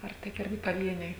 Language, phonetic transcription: Lithuanian, ar ˈtik ˈirgi paˈvieniai

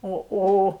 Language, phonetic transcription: Lithuanian, ˈo ˈo

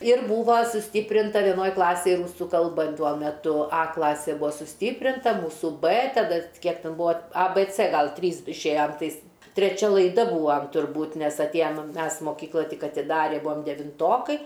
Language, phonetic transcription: Lithuanian, ir ˈbūva suˈstyprinta vieˈnoj ˈklasėj ˈrūsu kalˈba ˈtuo meˈtu ˈa ˈklasė ˈbua suˈstyprinta ˈmūsu bɜ taˈda ˈkiek ˈten ˈbua a bɜ cɜ ˈgal ˈtrys išˈėjam ˈtais treˈčia laiˈda ˈbūvam turˈbūt ˈnes atˈėjam ˈmes moˈkykla ˈtik atiˈdari ˈbuam devinˈtokai

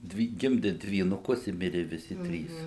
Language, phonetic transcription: Lithuanian, ˈdvi ˈgimdi dvynuˈkus i ˈmiri viˈsi ˈtrys

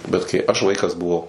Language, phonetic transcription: Lithuanian, bet kai aš ˈvaikas buˈvau

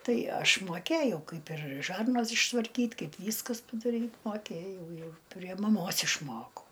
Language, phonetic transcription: Lithuanian, ˈtai ˈaš moˈkėjau ˈkaip ir ˈžarnas ištvarˈkyt' ˈkaip ˈvyskas padaˈryt' moˈkėjau ˈjau prie maˈmos išˈmokau

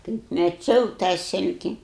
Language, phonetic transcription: Lithuanian, kaip meˈčiau tą ˈsilki

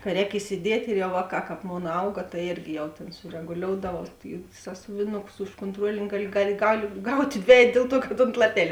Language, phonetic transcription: Lithuanian, ka ˈrēk isiˈdiet' ir jau ˈvāˌkā ˈkāp ˈmon ˈauga tai ˈėrgi jau ˈtėn sureguˈlioudavau i ˈsąsuvinukus už kontˈruolini ˈgaˌli ˈgaˌli gal' ˈgaut' ˈdvejet ˈdėl ˌtuo kad ont laˈpelė

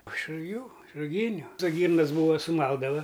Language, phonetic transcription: Lithuanian, iš ruˈgių iš ruˈgyniu to ˈgyrnas ˈbūva suˈmaldava

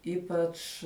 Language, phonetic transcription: Lithuanian, ˈypač

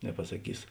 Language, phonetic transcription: Lithuanian, nepasaˈkys

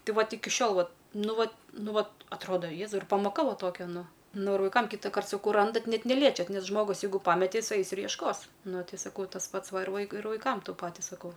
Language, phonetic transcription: Lithuanian, ˈtai ˈvat ˈiki ˈšiol ˈvat ˈnu ˈvat ˈnu ˈva atˈroda ˈjėzau ir pamoˈka ˈva ˈtokia ˈnu ˈnu ir vaiˈkam kytaˈkart saˈkau ˈrandat ˈnet neˈliečiat ˈnes ˈžmogus ˈjeigu ˈpamete ˈjis ˈais ir jiešˈkos ˈnu saˈkau tas ˈpats ˈva ir ˈvaikui ir vaiˈkam ˈtu ˈpati saˈkau

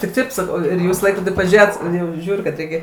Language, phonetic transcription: Lithuanian, tik ˈtaip saˈkau ˈjūs į ˈlaikrodį paˈžėjot ˈjau ˈžiūriu kad ˈreikia

